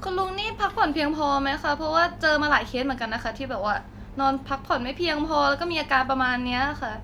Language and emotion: Thai, neutral